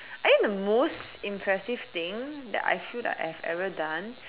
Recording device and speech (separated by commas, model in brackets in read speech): telephone, conversation in separate rooms